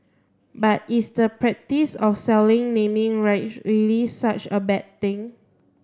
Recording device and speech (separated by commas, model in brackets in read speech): standing microphone (AKG C214), read sentence